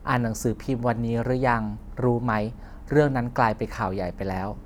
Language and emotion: Thai, neutral